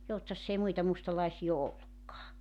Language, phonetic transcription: Finnish, 'Joutsass ‿ei 'muita 'mustalaisii o "ollukkaa .
- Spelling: Joutsassa ei muita mustalaisia ole ollutkaan

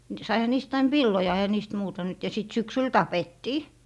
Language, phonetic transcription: Finnish, Saiha 'niist ain "villoja eⁱhä niist 'muuta nyt ja sit 'syksyl "tapettii .
- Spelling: saihan niistä aina villoja eihän niistä muuta nyt ja sitten syksyllä tapettiin

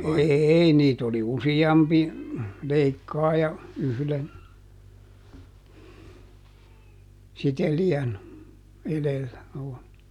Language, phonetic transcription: Finnish, ˈeei niit ‿oli "usi₍ampi , "leikkaaja , ˈyhlen , ˈsiteli₍än , ˈelellä .
- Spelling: ei niitä oli useampi leikkaaja yhden sitelijän edellä

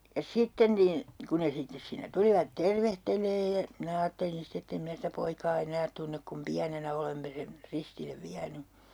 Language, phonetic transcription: Finnish, ja "sitten nin , ku ne 'sittes siinnä 'tulivat "tervehteleej ja , 'minä aattelin 'ste ett ‿em 'mⁱnä sitä 'poikaa 'enäät tunnek kum "piänenä olemme sen , 'ristillev 'viäny .
- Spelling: ja sitten niin kun ne sitten siinä tulivat tervehtelemään ja minä ajattelin sitten että en minä sitä poikaa enää tunne kun pienenä olemme sen ristille vienyt

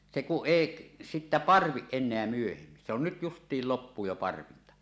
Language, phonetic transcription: Finnish, se kuˀ "ˀèiˀ , sittä "parviˀ 'ˀen̆neä myöhemmin se ‿on nyt 'just̀iil 'loppuu jo "parvinta .
- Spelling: se kun ei sitten parvi enää myöhemmin se on nyt justiin loppuu jo parvinta

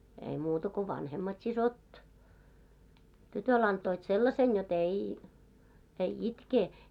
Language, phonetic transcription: Finnish, ei muuta ko 'vanhemmat 'sisot , "tytöl ‿antoit 'sellasen jo"t ‿ei , ei 'itkee .
- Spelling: ei muuta kuin vanhemmat siskot tytölle antoivat sellaisen jotta ei ei itke

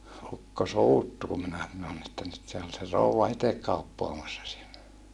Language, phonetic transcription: Finnish, ukko suuttu kum minä sanon ‿että nyt se ol se rouwa itek kauppoamassa siellä .
- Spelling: ukko suuttui kun minä sanoin että nyt se oli se rouva itse kauppaamassa siellä

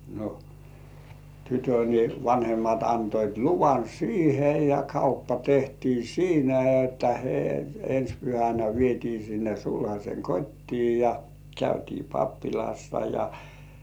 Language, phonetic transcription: Finnish, no , tytö ni , 'vanhemmat antoit "luvan "siihe ja 'kauppa tehtii "siinä että he- , ens pyhänä vietii sinne 'sulhas̜eŋ "kot́tii ja , 'käytii "pappilassa ja -.
- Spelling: no tytön niin vanhemmat antoivat luvan siihen ja kauppa tehtiin siinä että - ensi pyhänä vietiin sinne sulhasen kotiin ja käytiin pappilassa ja

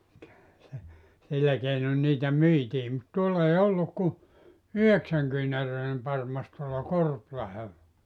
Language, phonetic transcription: Finnish, (kyllähän se) , 'sillä keinon 'niitä "myitii mut 'tuoll ‿ei 'olluk ku , "yheksäŋkyynäröinem 'parmas tuolla "Korplahella .
- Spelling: kyllähän se sillä keinoin niitä myytiin mutta tuolla ei ollut kuin yhdeksänkyynäräinen parmas tuolla Korpilahdella

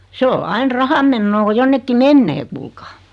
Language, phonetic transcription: Finnish, 'se o 'ain "rahammennoo ko 'jonnekki "mennee kuulkaa .
- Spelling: se on aina rahanmenoa kun jonnekin menee kuulkaa

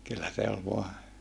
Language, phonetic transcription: Finnish, kyllä se ol voa ,.
- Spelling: kyllä se oli vain

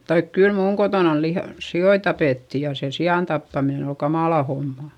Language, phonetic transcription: Finnish, taik kyl muuŋ kotònan lih- , si₍oi tapètti ja se si₍àn tappaminen ‿ol kamàla homma .
- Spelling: tai kyllä minun kotonani - sikoja tapettiin ja se sian tappaminen oli kamala homma

